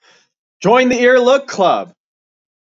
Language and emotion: English, happy